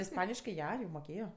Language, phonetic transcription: Lithuanian, isˈpaniškɜ ˈja jau moˈkėjo

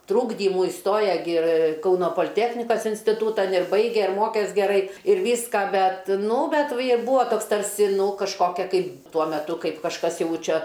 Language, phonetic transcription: Lithuanian, ˈtrūkdymų ˈistoja gi ir ˈkauno poliˈtechnikas instiˈtūtan ir ˈbaige ir ˈmokes geˈrai ir ˈvyska ˈbet ˈnu ˈbet vi ir ˈbūa ˈtoks ˈtarsi ˈnū kažˈkokia kaip ˈtuo meˈtu ˈkaip kažˈkas ˈjau ˈčia

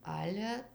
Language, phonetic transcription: Lithuanian, ˈale

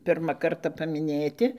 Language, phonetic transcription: Lithuanian, ˈpirma ˈkarta pamiˈnėti

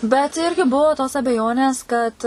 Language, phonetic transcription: Lithuanian, bet ˈirgi ˈbuvo tos abeˈjonės kad

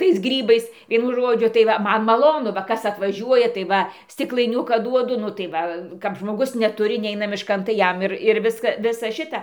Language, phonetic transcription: Lithuanian, tais ˈgrybais ˈvienu ˈžodžiu tai ˈva ˈman maˈlonu va ˈkas atvaˈžiuoja tai ˈva stiklaiˈniuką ˈduodu ˈnu tai ˈva kap žmoˈgus neˈturi ˈneina mišˈkan tai ˈjam ˈir ir ˈviska ˈvisa ˈšita

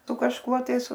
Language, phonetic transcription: Lithuanian, su kažˈkuo tais

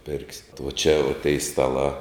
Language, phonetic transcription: Lithuanian, ˈpirksi vo čia vo tei staˈlā

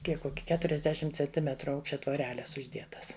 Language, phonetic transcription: Lithuanian, ˈkiek ˈkoki keturiasˈdešimt cenˈtimetru ˈaukščia tvoˈreles užˈdietas

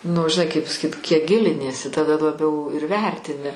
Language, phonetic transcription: Lithuanian, nu žiˈnai kaip pasaˈkyt kiek ˈgiliniesi taˈda laˈbiau ir ˈvertini

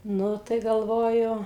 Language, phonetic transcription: Lithuanian, ˈnu tai galˈvoju

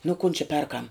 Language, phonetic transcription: Lithuanian, nu kun či ˈperkam

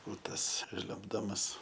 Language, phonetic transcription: Lithuanian, u ˈtas ˈžliumbdamas

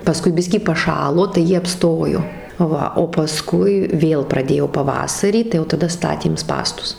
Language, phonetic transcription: Lithuanian, paˈskui ˈbiskį paˈšalo tai ˈjie apˈstojo ˈva o paˈskui ˈvėl praˈdėjo paˈvasarį tai jau taˈda ˈstatėm ˈspąstus

